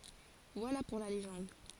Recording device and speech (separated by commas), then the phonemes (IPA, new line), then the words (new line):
forehead accelerometer, read sentence
vwala puʁ la leʒɑ̃d
Voilà pour la légende...